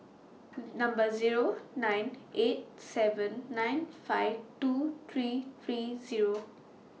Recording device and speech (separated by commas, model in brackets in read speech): mobile phone (iPhone 6), read sentence